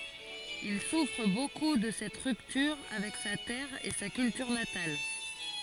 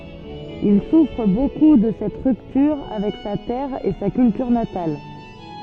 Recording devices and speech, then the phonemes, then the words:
forehead accelerometer, soft in-ear microphone, read sentence
il sufʁ boku də sɛt ʁyptyʁ avɛk sa tɛʁ e sa kyltyʁ natal
Il souffre beaucoup de cette rupture avec sa terre et sa culture natale.

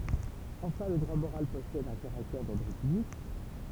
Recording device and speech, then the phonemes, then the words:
temple vibration pickup, read sentence
ɑ̃fɛ̃ lə dʁwa moʁal pɔsɛd œ̃ kaʁaktɛʁ dɔʁdʁ pyblik
Enfin, le droit moral possède un caractère d'ordre public.

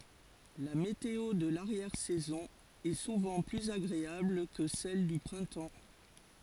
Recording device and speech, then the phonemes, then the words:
forehead accelerometer, read sentence
la meteo də laʁjɛʁ sɛzɔ̃ ɛ suvɑ̃ plyz aɡʁeabl kə sɛl dy pʁɛ̃tɑ̃
La météo de l'arrière saison est souvent plus agréable que celle du printemps.

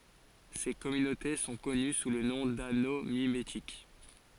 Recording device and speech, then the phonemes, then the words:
forehead accelerometer, read sentence
se kɔmynote sɔ̃ kɔny su lə nɔ̃ dano mimetik
Ces communautés sont connues sous le nom d'anneaux mimétiques.

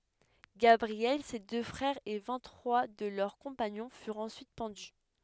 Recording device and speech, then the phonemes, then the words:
headset microphone, read sentence
ɡabʁiɛl se dø fʁɛʁz e vɛ̃t tʁwa də lœʁ kɔ̃paɲɔ̃ fyʁt ɑ̃syit pɑ̃dy
Gabriel, ses deux frères et vingt trois de leurs compagnons furent ensuite pendus.

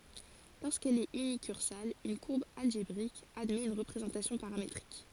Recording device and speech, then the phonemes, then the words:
forehead accelerometer, read sentence
loʁskɛl ɛt ynikyʁsal yn kuʁb alʒebʁik admɛt yn ʁəpʁezɑ̃tasjɔ̃ paʁametʁik
Lorsqu'elle est unicursale, une courbe algébrique admet une représentation paramétrique.

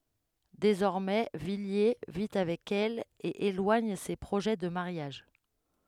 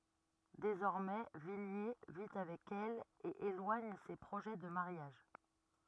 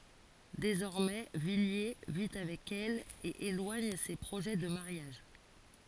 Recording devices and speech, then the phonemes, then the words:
headset microphone, rigid in-ear microphone, forehead accelerometer, read sentence
dezɔʁmɛ vilje vi avɛk ɛl e elwaɲ se pʁoʒɛ də maʁjaʒ
Désormais, Villiers vit avec elle et éloigne ses projets de mariage.

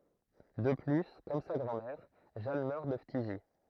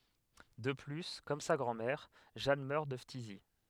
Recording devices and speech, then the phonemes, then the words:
throat microphone, headset microphone, read sentence
də ply kɔm sa ɡʁɑ̃dmɛʁ ʒan mœʁ də ftizi
De plus, comme sa grand-mère, Jeanne meurt de phtisie.

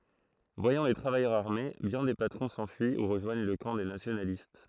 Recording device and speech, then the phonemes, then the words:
throat microphone, read sentence
vwajɑ̃ le tʁavajœʁz aʁme bjɛ̃ de patʁɔ̃ sɑ̃fyi u ʁəʒwaɲ lə kɑ̃ de nasjonalist
Voyant les travailleurs armés, bien des patrons s'enfuient ou rejoignent le camp des nationalistes.

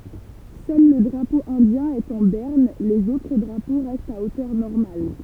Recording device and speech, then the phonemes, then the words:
temple vibration pickup, read sentence
sœl lə dʁapo ɛ̃djɛ̃ ɛt ɑ̃ bɛʁn lez otʁ dʁapo ʁɛstt a otœʁ nɔʁmal
Seul le drapeau indien est en berne, les autres drapeaux restent à hauteur normale.

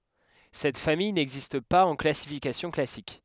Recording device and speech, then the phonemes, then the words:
headset microphone, read sentence
sɛt famij nɛɡzist paz ɑ̃ klasifikasjɔ̃ klasik
Cette famille n'existe pas en classification classique.

